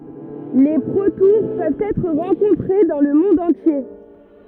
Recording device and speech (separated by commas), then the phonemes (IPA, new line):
rigid in-ear microphone, read sentence
le pʁotuʁ pøvt ɛtʁ ʁɑ̃kɔ̃tʁe dɑ̃ lə mɔ̃d ɑ̃tje